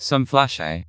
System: TTS, vocoder